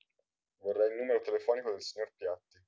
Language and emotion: Italian, neutral